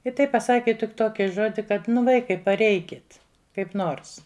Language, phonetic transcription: Lithuanian, i ˈtaip paˈsaki tik ˈtoki ˈžodi kad ˈvaikai paˈreikit kaip ˈnors

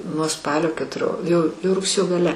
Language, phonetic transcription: Lithuanian, nuo ˈspalio ketuˈrio jau jau rugˈsėjo gaˈle

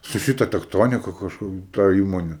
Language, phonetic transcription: Lithuanian, su ˈšita tekˈtonika kažˈkur ta ˈįmone

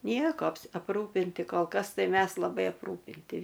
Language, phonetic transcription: Lithuanian, ˈnieko apˈrūpinti kol ˈkas ˈtai ˈmes laˈbai apˈrūpinti

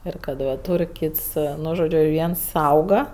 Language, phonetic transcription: Lithuanian, ˈir kad ˈva ˈtūr' ˈkyts ˈnu žoˈdžiu ˈviens ˈsauga

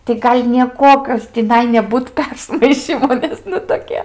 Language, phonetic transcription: Lithuanian, tai ˈgal' nieˈkuokios tiˈnai neˈbūt ˈpersmaišymo ˈnes nu toˈkie

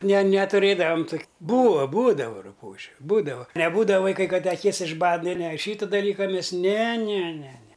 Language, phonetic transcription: Lithuanian, ne netuˈrėdavam tok' ˈbūa ˈbūdava ruˈpūžiu ˈbūdava neˈbūdava ˈvaiˈkai ˈkad te aˈkis išˈbad ˈne ne ˈšyta daˈlyka ˈmes ne ne ne ne

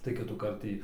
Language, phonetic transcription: Lithuanian, tai kitųˈkart ˈtį

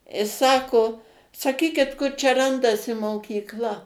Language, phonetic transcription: Lithuanian, i ˈsako saˈkykit ˈkur čia ˈrandasi mokykˈla

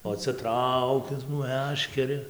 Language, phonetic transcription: Lithuanian, o ˈcia ˈtraukias ˈmæškeri

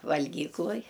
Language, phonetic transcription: Lithuanian, valˈgykluj

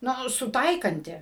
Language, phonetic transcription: Lithuanian, ˈnu suˈtaikanti

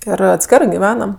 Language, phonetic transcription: Lithuanian, ˈir atˈskerɜ giˈvenam

